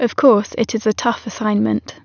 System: none